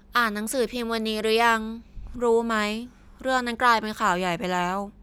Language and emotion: Thai, frustrated